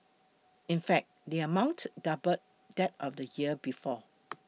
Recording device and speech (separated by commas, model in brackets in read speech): mobile phone (iPhone 6), read sentence